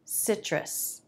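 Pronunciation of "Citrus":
In 'citrus', the t in the tr cluster sounds like a ch, so the first syllable sounds like 'sitch'. The stress is on the first syllable.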